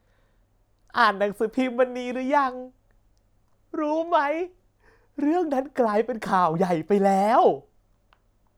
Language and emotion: Thai, happy